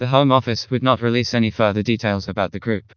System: TTS, vocoder